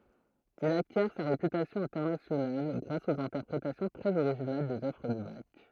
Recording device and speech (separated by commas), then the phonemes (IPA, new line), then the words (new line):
throat microphone, read sentence
il akjɛʁ sa ʁepytasjɔ̃ ɛ̃tɛʁnasjonal ɡʁas oz ɛ̃tɛʁpʁetasjɔ̃ tʁɛz oʁiʒinal dez œvʁ də bak
Il acquiert sa réputation internationale grâce aux interprétations très originales des œuvres de Bach.